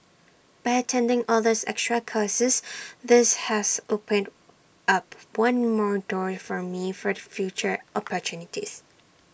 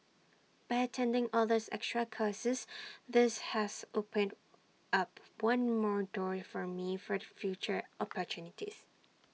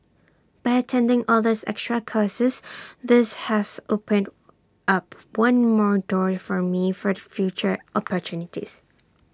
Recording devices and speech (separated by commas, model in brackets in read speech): boundary microphone (BM630), mobile phone (iPhone 6), standing microphone (AKG C214), read sentence